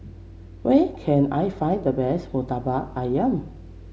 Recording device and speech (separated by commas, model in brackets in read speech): mobile phone (Samsung C7), read sentence